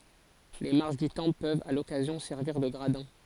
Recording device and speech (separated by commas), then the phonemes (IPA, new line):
forehead accelerometer, read sentence
le maʁʃ dy tɑ̃pl pøvt a lɔkazjɔ̃ sɛʁviʁ də ɡʁadɛ̃